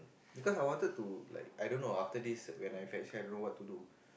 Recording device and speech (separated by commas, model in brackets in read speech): boundary microphone, conversation in the same room